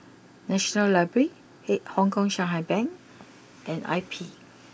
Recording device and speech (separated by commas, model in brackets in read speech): boundary microphone (BM630), read sentence